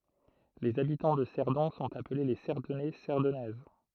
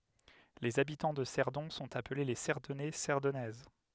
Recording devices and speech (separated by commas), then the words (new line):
throat microphone, headset microphone, read sentence
Les habitants de Cerdon sont appelés les Cerdonnais, Cerdonnaises.